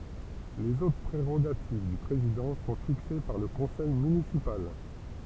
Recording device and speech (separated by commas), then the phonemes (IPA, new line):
temple vibration pickup, read sentence
lez otʁ pʁeʁoɡativ dy pʁezidɑ̃ sɔ̃ fikse paʁ lə kɔ̃sɛj mynisipal